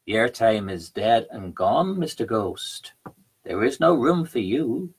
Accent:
Irish voice